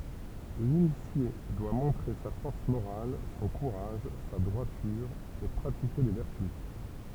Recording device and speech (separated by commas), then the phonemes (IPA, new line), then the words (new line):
temple vibration pickup, read sentence
linisje dwa mɔ̃tʁe sa fɔʁs moʁal sɔ̃ kuʁaʒ sa dʁwatyʁ e pʁatike le vɛʁty
L'initié doit montrer sa force morale, son courage, sa droiture et pratiquer les vertus.